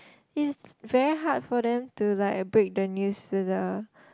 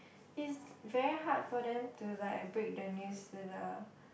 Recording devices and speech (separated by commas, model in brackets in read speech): close-talking microphone, boundary microphone, conversation in the same room